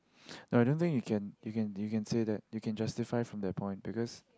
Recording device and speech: close-talking microphone, conversation in the same room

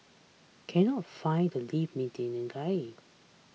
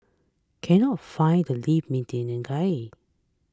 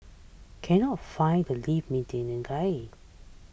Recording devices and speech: mobile phone (iPhone 6), close-talking microphone (WH20), boundary microphone (BM630), read sentence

